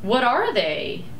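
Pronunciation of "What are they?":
'What are they?' is said with a rising intonation.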